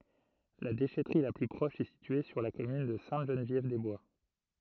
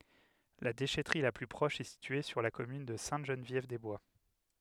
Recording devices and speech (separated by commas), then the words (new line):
throat microphone, headset microphone, read sentence
La déchèterie la plus proche est située sur la commune de Sainte-Geneviève-des-Bois.